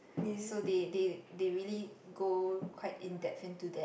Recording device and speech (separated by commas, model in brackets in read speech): boundary microphone, conversation in the same room